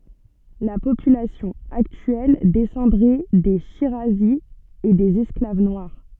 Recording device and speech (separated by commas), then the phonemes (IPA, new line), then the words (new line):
soft in-ear microphone, read sentence
la popylasjɔ̃ aktyɛl dɛsɑ̃dʁɛ de ʃiʁazi e dez ɛsklav nwaʁ
La population actuelle descendrait des shirazis et des esclaves noirs.